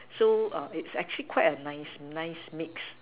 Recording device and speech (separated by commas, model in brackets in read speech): telephone, conversation in separate rooms